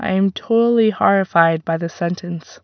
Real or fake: real